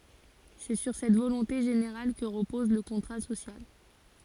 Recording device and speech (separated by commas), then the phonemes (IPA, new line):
forehead accelerometer, read sentence
sɛ syʁ sɛt volɔ̃te ʒeneʁal kə ʁəpɔz lə kɔ̃tʁa sosjal